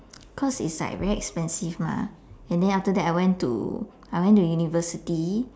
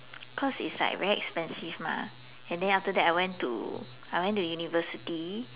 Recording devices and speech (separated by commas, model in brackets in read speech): standing microphone, telephone, conversation in separate rooms